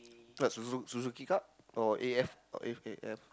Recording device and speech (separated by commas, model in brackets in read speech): close-talking microphone, conversation in the same room